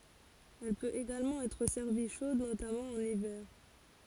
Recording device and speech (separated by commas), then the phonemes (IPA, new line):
forehead accelerometer, read sentence
ɛl pøt eɡalmɑ̃ ɛtʁ sɛʁvi ʃod notamɑ̃ ɑ̃n ivɛʁ